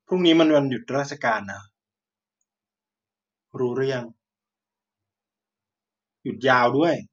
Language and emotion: Thai, frustrated